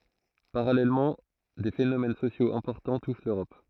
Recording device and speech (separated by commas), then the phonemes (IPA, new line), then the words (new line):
throat microphone, read sentence
paʁalɛlmɑ̃ de fenomɛn sosjoz ɛ̃pɔʁtɑ̃ tuʃ løʁɔp
Parallèlement, des phénomènes sociaux importants touchent l'Europe.